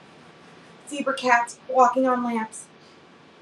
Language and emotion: English, fearful